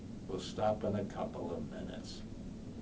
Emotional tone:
neutral